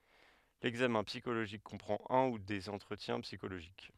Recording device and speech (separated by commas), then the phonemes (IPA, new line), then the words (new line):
headset microphone, read sentence
lɛɡzamɛ̃ psikoloʒik kɔ̃pʁɑ̃t œ̃ u dez ɑ̃tʁətjɛ̃ psikoloʒik
L'examen psychologique comprend un ou des entretiens psychologiques.